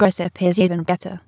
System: TTS, waveform concatenation